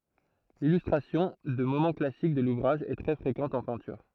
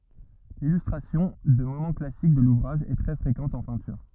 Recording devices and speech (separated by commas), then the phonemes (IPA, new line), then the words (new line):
throat microphone, rigid in-ear microphone, read sentence
lilystʁasjɔ̃ də momɑ̃ klasik də luvʁaʒ ɛ tʁɛ fʁekɑ̃t ɑ̃ pɛ̃tyʁ
L'illustration de moments classiques de l'ouvrage est très fréquente en peinture.